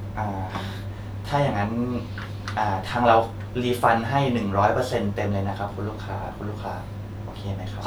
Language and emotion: Thai, neutral